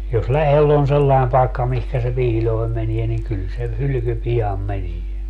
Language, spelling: Finnish, jos lähellä on sellainen paikka mihin se piiloon menee niin kyllä se hylky pian menee
- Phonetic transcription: jos 'lähel on 'sellai̮m pai̮kka mihkä se 'piiĺoi̮m menie ni 'kyl se , 'hylyky 'pi₍am "menie .

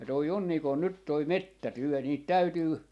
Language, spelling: Finnish, ja tuo on niin kuin nyt tuo metsätyö niitä täytyy
- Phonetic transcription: ja toi on nii kon 'nyt toi "mettätyö 'niit "täytyy ,.

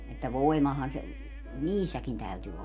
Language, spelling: Finnish, että voimahan se niissäkin täytyi olla
- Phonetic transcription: että 'voi̮mahan̬ se , "niissäkin 'täyty olla .

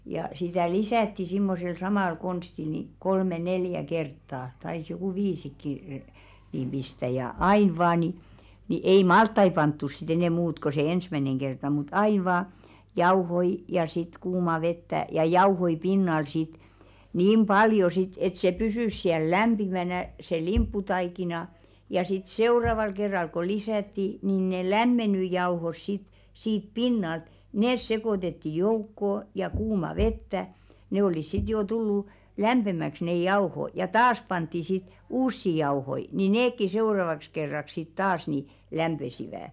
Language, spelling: Finnish, ja sitä lisättiin semmoisella samalla konstilla niin kolme neljä kertaa taisi joku viisikin niin pistää ja aina vain niin niin ei - maltaita pantu sitten enää muuta kuin se ensimmäinen kerta mutta aina vain jauhoja ja sitten kuumaa vettä ja jauhoja pinnalle sitten niin paljon sitten että se pysyi siellä lämpimänä se limpputaikina ja sitten seuraavalla kerralla kun lisättiin niin ne lämmennyt jauhot sitten siitä pinnalta ne sekoitettiin joukkoon ja kuumaa vettä ne olivat sitten jo tullut lämpimäksi ne jauhot ja taas pantiin sitten uusia jauhoja niin nekin seuraavaksi kerraksi sitten taas niin lämpisivät
- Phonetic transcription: ja , 'sitä̀ "lisä̀tti simmosel 'samàl konstil ni , 'kolme "neljä 'kerttaa , tais jokù "viisikki , niim ʙistä ja "ain 'vaa ni , ni 'ei "malt- tai 'panttuˢ sɪt ‿enɛ̀ 'muut ko se "ensmäneŋ kerta mut 'ain̬ vaa , "jauhoi , ja sit "kuuma 'vettä , ja "jauhoi 'pinnal sit , 'niim "ʙaljo sit et se "pysỳs siäl "lämʙimänä , se "limpputaikina , ja sit "seuraval kerral ko 'lisätti , nìn ne "lämmeǹy 'jauhos sit , 'siip "pinnalt , "nès sekòtetti 'joukkò , ja 'kuuma "vettä , 'ne olis sit joo 'tullù , "lämʙemäks neʲ "jao̭ho , ja "taas 'pantti sit , 'uussi jao̭hoi , ni "neekki 'seu̬ravaks kerrak sit 'taas ni , "lämʙesivä̀ .

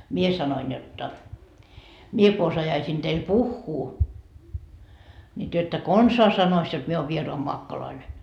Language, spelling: Finnish, minä sanoin jotta minä kun osaisin teille puhua niin te ette konsaan sanoisi jotta minä olen vieraanmaakkoinen
- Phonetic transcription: 'mie sanoin jotta , » 'mie ko osajaisiin teil "puhhuu , ńi työ että "konsaa 'sanois jot mie oov 'vieroamoakkoloine .

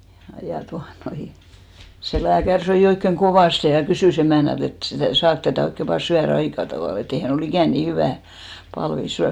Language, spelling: Finnish, ja tuota noin se lääkäri söi oikein kovasti ja kysyi emännältä että sitä saako tätä oikein vain syödä aika tavalla että ei hän ole ikinä niin hyvää palvia syönyt
- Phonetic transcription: ja tua'noi , se 'lääkär 'söi oikkeŋ "kovàste ja 'kysỳ's ‿emä̀nält ‿et sitä̀ 'saak tätä̀ 'oikke vaa 'syä"r ‿aika tavàl e't ‿ei 'hän ‿o"l ‿ikä̀n 'nii hyvä̀ , palvi 'syän .

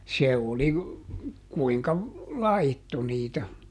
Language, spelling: Finnish, se oli kuinka laittoi niitä
- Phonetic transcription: se oli , ˈkuiŋka , "laitto niitä .

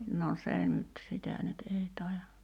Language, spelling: Finnish, no se nyt sitä nyt ei taida
- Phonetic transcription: no 'se nyt 'sitä nyt 'ei tàija ,.

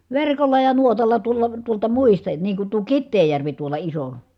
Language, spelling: Finnish, verkolla ja nuotalla tuolla tuolta muista niin kun tuo Kiteenjärvi tuolla iso
- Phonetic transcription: verkolla ja nuotalla tuol̆la , tuolta muista , niiŋ kun tuo Kitteejjärvi tuola iso .

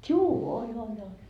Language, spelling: Finnish, juu oli oli oli
- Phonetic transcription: 'tjuu 'oĺ ‿oĺ ‿oĺ .

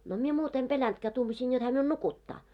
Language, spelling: Finnish, no minä muuta en pelännytkään tuumasin jotta hän minun nukuttaa
- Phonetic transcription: no mie 'muut ‿em 'peläntkää 'tuumasiin jot hää miun "nukuttaa .

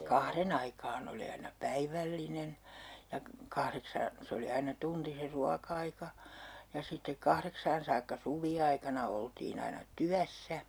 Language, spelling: Finnish, kahden aikaan oli aina päivällinen ja kahdeksaan se oli aina tunti se ruoka-aika ja sitten kahdeksaan saakka suviaikana oltiin aina työssä
- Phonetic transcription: 'kahren ‿aikaan ‿oli aina "päivällinen , ja 'kahreksaan , 'se oli aina 'tunti se "ruakaika , ja sittek 'kahreksaan saakka 'suvi₍aikana oltiin ‿aina "tyässä .

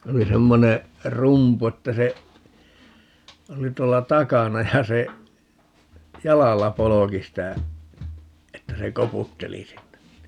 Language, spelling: Finnish, se oli semmoinen rumpu että se oli tuolla takana ja se jalalla polki sitä että se koputteli sinne niin
- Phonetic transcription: 'se oli 'semmone , "rumpu että se , 'oli 'tuolla "takana ja se , "jalalla 'poloki sitä , 'että se "koputteli 'sinnen (ni) , .

